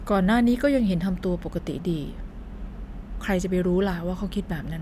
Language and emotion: Thai, neutral